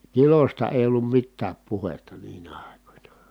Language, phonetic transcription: Finnish, kilosta èi̮ ollum mittääp puhetta niinä àikońa .
- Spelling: kilosta ei ollut mitään puhetta niinä aikoina

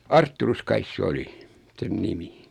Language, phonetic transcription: Finnish, Artturus 'kais se 'oli , 'sen "nimi .
- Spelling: Artturus kai se oli sen nimi

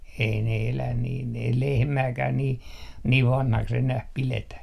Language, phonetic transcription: Finnish, ei ne 'elän niin ei "lehmääkää nii , niiv "vanhaks enäh 'piletä .
- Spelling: ei ne elä niin ei lehmääkään niin niin vanhaksi enää pidetä

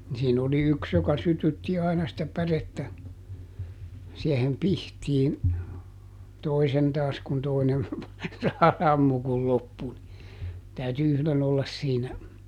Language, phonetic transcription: Finnish, ni siin ‿oli ˈyks joka ˈsytytti aina sⁱtä ˈpärettä , siehem "pihtiin , ˈtoisen taas kun ˈtoinen , ˈsammu kul ˈloppu ni , täyty ˈyhlen ‿ollas ˈsiinä .
- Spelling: niin siinä oli yksi joka sytytti aina sitä pärettä siihen pihtiin toisen taas kun toinen sammu kun loppui niin täytyi yhden olla siinä

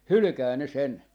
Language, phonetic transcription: Finnish, "hylʸkää ne 'sen .
- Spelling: hylkää ne sen

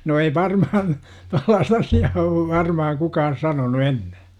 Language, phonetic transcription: Finnish, no ei "varmahan , 'tollaast asi₍aa ov 'varmahaŋ 'kukaan̬ 'sanonu "enne .
- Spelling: no ei varmaan tuollaista asiaa ole varmaan kukaan sanonut ennen

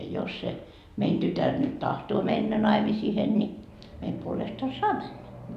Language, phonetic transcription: Finnish, jos se , 'mein "tytär nyt 'tahtoo "mennä 'naimisihen ni , meim puolesta "saa männä . »
- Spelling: jos se meidän tytär nyt tahtoo mennä naimisiin niin meidän puolesta saa mennä

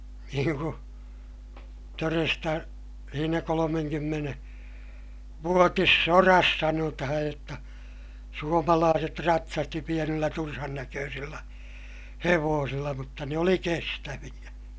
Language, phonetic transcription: Finnish, niiŋ ku , toresta , siinä kolomeŋkymmene- , -vuotissoras sanotahaj jotta , suomalaaset ratsasti pienillä turhannäköösillä , hevoosilla mutta ne oli kestäviʲä .
- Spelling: niin kuin todesta siinä - kolmekymmentävuotisessa sodassa sanotaan jotta suomalaiset ratsasti pienillä turhannäköisillä hevosilla mutta ne oli kestäviä

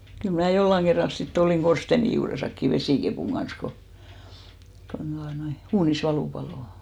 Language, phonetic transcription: Finnish, 'kyl mnä̀ 'jollaŋ ɢerral sit't ‿olìŋ 'ɢorsteni juuresakki "vesìkepùŋ ɢans ko , kon ᴅuanoi , 'uunis 'valù palò .
- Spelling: kyllä minä jollakin kerralla sitten olin korsteenin juuressakin vesikepun kanssa kun kun tuota noin uunissa valu paloi

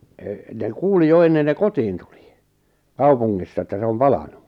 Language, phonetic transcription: Finnish, e- , ne "kuuli 'jo ennen ne "kotiin tulɪ , "kaupuŋŋissa että 'se om "palanu .
- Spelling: - ne kuuli jo ennen ne kotiin tuli kaupungissa että se on palanut

